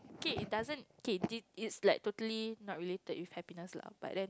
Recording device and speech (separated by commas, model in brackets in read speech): close-talking microphone, conversation in the same room